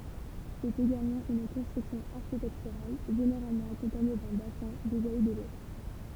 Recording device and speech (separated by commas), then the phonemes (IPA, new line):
temple vibration pickup, read sentence
sɛt eɡalmɑ̃ yn kɔ̃stʁyksjɔ̃ aʁʃitɛktyʁal ʒeneʁalmɑ̃ akɔ̃paɲe dœ̃ basɛ̃ du ʒaji də lo